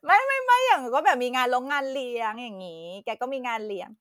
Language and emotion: Thai, happy